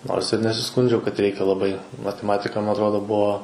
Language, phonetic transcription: Lithuanian, ˈnors ir nesiˈskundžiau kad ˈreikia laˈbai mateˈmatika ˈma atˈrodo ˈbuo

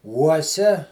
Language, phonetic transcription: Lithuanian, ˈuosia

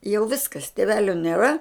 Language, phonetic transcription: Lithuanian, jau ˈviskas tėˈvelio nėˈra

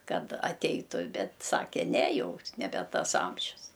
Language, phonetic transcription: Lithuanian, ˈkad aˈteitu ˈbet ˈsake ˈne ˈjau neˈbe ˈtas ˈamžius

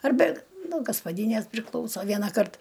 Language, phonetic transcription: Lithuanian, arˈbe nuo gaspaˈdynės priˈklauso ˈvienaˌkart

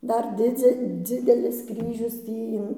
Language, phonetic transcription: Lithuanian, ˈdar ˈdidze ˈdzidelis ˈkryžius ˈtį in

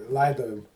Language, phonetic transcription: Lithuanian, ˈlaidojum

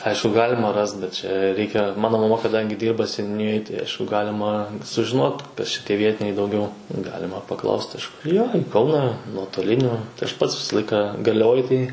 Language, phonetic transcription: Lithuanian, ˈaišku ˈgalima ˈrast bet čia ˈreikia ˈmano maˈma kaˈdangi ˈdyrba seniuˈnijoj tai ˈaišku ˈgalima sužiˈnot ˈkas čia ˈtieˈvietiniai dauˈgiau ˈgalima paˈklaust ˈaš jo i ˈkauną nuotoˈliniu tai aš ˈpats ˈvisa ˈlaika garliaˈvoj tai

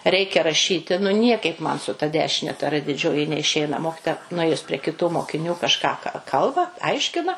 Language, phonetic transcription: Lithuanian, ˈreikia raˈšyti nu ˈniekaip ˈman su ta ˈdešine ta ˈrɘ diˈdžioji neiˈšeina ˈmokitoja nuˈėjus pre kiˈtų mokiˈnių kažˈką ka ˈkalba ˈaiškina

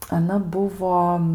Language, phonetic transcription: Lithuanian, aˈna ˈbuvo

